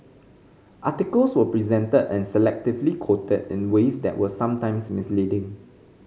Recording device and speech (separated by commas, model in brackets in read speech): mobile phone (Samsung C5010), read sentence